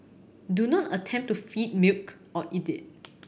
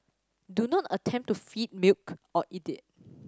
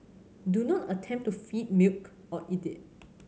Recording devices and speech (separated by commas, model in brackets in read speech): boundary microphone (BM630), standing microphone (AKG C214), mobile phone (Samsung C7100), read sentence